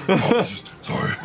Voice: deeply